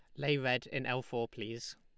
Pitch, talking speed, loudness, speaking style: 125 Hz, 230 wpm, -36 LUFS, Lombard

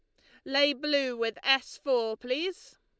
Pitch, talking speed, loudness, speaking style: 270 Hz, 155 wpm, -28 LUFS, Lombard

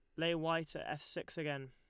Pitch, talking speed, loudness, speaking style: 160 Hz, 240 wpm, -39 LUFS, Lombard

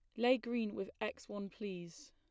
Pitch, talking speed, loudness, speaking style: 205 Hz, 190 wpm, -39 LUFS, plain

